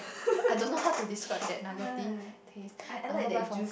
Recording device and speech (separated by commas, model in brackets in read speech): boundary microphone, conversation in the same room